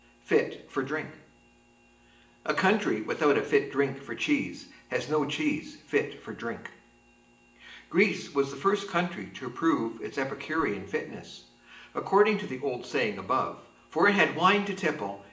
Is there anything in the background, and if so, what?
Nothing.